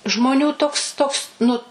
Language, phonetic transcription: Lithuanian, žmoˈnių ˈtoks ˈtoks nu

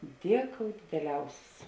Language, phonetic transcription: Lithuanian, ˈdieˌkou dideˈliausis

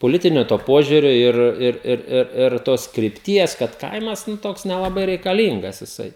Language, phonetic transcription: Lithuanian, poˈlitinio to ˈpožiurio ˈir ˈir ˈir ˈir ir ˈtos kripˈties kad ˈkaimas ˈnu ˈtoks nelaˈbai reikaˈlyngas jiˈsai

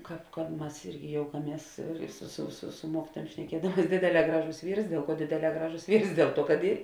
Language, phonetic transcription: Lithuanian, ˈkāp ka ˈmas ˈirgi ˈjoukaˌmies su su su su ˈmuokituojuom šneˈkiedamuos ˈdėdėˌlē ˈgraˌžos ˈvyrs ˈdėl ˌkuo ˈdėdėˌlē ˈgraˌžos ˈvyrs ˈdėl ˌtuo kad ˈy

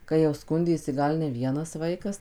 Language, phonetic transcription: Lithuanian, kai jau ˈskundėsi ˈgal ne ˈvienas ˈvaikas

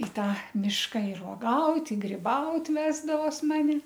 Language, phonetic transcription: Lithuanian, i ˈtą ˈmiška ir oˈgaut' i griˈbaut' ˈvesdavos ˈmani

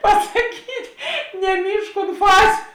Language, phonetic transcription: Lithuanian, pasaˈkyt' neˈmyžk unt ˈfaziu

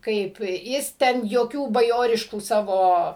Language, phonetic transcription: Lithuanian, ˈkaip ˈjis ˈten joˈkių baˈjoriškų ˈsavo

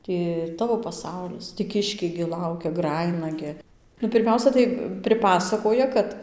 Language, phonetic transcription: Lithuanian, ti ˈtavo paˈsaulis tį ˈkiškiai gi ˈlaukia ˈgrajina gi nu pirˈmiausia tai priˈpasakoja ˈkad

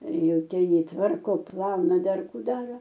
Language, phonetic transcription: Lithuanian, ˈjau ˈten ˈjį ˈtvarko ˈplauna ˈdar ˈkų ˈdaro

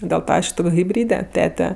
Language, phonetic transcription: Lithuanian, dėl ˈtą ˈaš ˈtok' hibˈryde ˈtete

